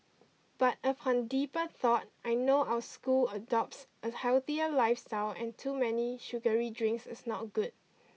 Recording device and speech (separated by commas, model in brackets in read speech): mobile phone (iPhone 6), read sentence